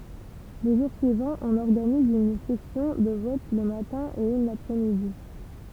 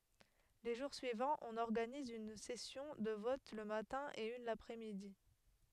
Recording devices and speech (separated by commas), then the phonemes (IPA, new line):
temple vibration pickup, headset microphone, read sentence
le ʒuʁ syivɑ̃z ɔ̃n ɔʁɡaniz yn sɛsjɔ̃ də vɔt lə matɛ̃ e yn lapʁɛsmidi